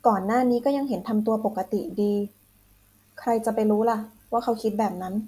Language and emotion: Thai, neutral